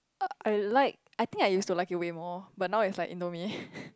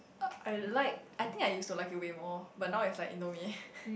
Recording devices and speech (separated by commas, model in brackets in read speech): close-talking microphone, boundary microphone, conversation in the same room